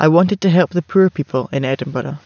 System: none